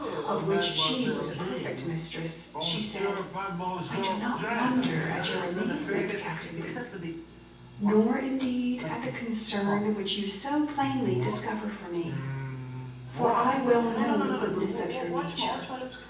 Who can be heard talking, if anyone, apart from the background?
One person.